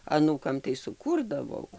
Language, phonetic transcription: Lithuanian, aˈnūkam tai suˈkūrdavau

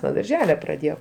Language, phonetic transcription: Lithuanian, nuo darˈžele praˈdėjau

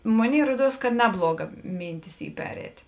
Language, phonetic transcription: Lithuanian, ˈmoˌnėi ˈruoˌduos ka ˈnebluoˌga ˈmynˌtis ˈy ˈperēt

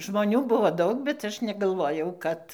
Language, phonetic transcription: Lithuanian, žmoˈnių ˈbuvo ˈdaug bet ˈaš negalˈvojau ˈkad

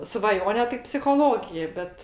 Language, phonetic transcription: Lithuanian, svaˈjone tai psichoˈlogija ˈbet

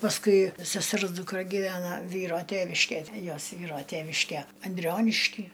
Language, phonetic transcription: Lithuanian, pasˈkui seˈsers dukˈra gyˈvena ˈvyro ˈteviškej ˈjos ˈvyro ˈteviške anˈdrionišky

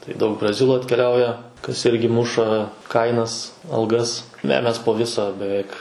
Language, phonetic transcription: Lithuanian, tai ˈdaug braˈzilų atkeˈliauja kas ˈirgi ˈmuša ˈkainas alˈgas ne ˈmes po ˈvisa beˈveik

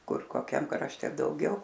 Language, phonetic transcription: Lithuanian, ˈkur koˈkiam krašˈte dauˈgiau

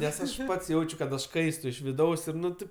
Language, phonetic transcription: Lithuanian, ˈnes ˈaš ˈpats ˈjaučiu kad aš ˈkaistu iš viˈdaus ˈir ˈnu ˈtėp

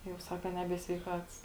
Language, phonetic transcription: Lithuanian, jau ˈsaka ˈnebie sveiˈkats

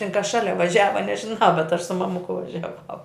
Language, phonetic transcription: Lithuanian, tin kas ˈšalia vaˈžiava nežinau bet aš su maˈmuku važiaˈvau

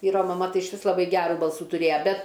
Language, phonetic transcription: Lithuanian, ˈvyro maˈma ˈtai išˈvis laˈbai ˈgerų ˈbalsų tuˈrėja ˈbet

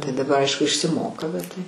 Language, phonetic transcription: Lithuanian, tai daˈbar ˈaišku išsiˈmoka bet tai

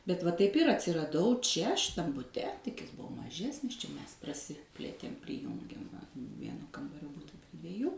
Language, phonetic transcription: Lithuanian, bet va taip ˈir atsiraˈdau ˈčia šiˈtam buˈte tik ˈjis ˈbuvo maˈžesnis čia ˈmes praˈsiplėtėm priˈjungėm va ˈvieno ˈkambario ˈbuta pri dvieˈjų

